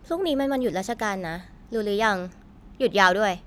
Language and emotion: Thai, frustrated